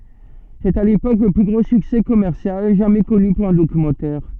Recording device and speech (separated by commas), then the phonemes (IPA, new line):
soft in-ear microphone, read sentence
sɛt a lepok lə ply ɡʁo syksɛ kɔmɛʁsjal ʒamɛ kɔny puʁ œ̃ dokymɑ̃tɛʁ